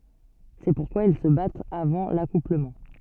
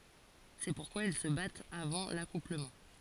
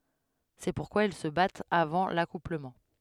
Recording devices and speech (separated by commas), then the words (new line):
soft in-ear microphone, forehead accelerometer, headset microphone, read sentence
C'est pourquoi ils se battent avant l'accouplement.